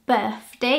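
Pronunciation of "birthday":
'Birthday' is pronounced incorrectly here: the th is said as an f sound.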